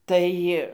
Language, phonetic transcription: Lithuanian, ˈtai

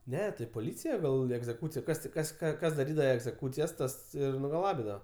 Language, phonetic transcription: Lithuanian, ˈne tai poˈlycija ˈgal egzeˈkūcija ˈkas ti ˈkas ˈką ˈkas daˈrydava egzeˈkūcijas ˈtas ˈir nugaˈlabidava

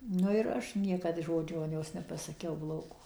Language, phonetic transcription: Lithuanian, nu ir ˈaš ˈniekad ˈžodžio nepasaˈkiau ˈblogo

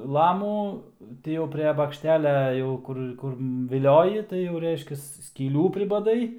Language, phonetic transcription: Lithuanian, ˈlamų ˈti jau pre bakšˈtelia ˈjau kur ˈkur viˈlioji tai jau ˈreiškias skyˈlių pribaˈdai

